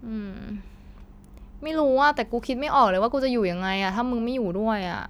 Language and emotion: Thai, frustrated